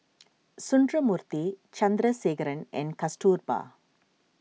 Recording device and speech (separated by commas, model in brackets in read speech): mobile phone (iPhone 6), read sentence